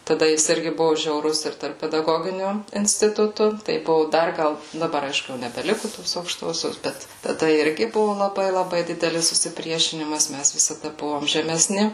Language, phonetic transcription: Lithuanian, taˈda ˈjis ˈirgi ˈbuvu žiauˈrus ir tarp pedaˈgoginiu instiˈtutu tai ˈbuvu ˈdar ˈgal daˈbar ˈaišku jau nebeˈliku tos aukˈštosios ˈbet taˈda ˈirgi ˈbuvu laˈbai laˈbai ˈdidelis susiˈpriešinimas ˈmæs visaˈda ˈbuvom žemeˈsni

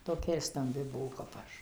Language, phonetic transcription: Lithuanian, toˈkia ir stamˈbi ˈbuo kap ˈaš

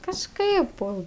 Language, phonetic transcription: Lithuanian, kažˈkaip ˈpo

